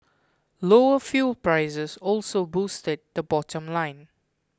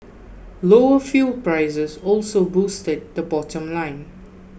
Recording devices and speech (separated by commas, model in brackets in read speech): close-talking microphone (WH20), boundary microphone (BM630), read sentence